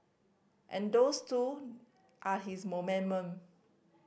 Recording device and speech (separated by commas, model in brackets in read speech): boundary microphone (BM630), read sentence